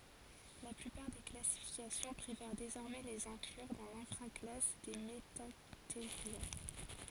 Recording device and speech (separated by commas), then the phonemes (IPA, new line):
forehead accelerometer, read sentence
la plypaʁ de klasifikasjɔ̃ pʁefɛʁ dezɔʁmɛ lez ɛ̃klyʁ dɑ̃ lɛ̃fʁa klas de mətateʁja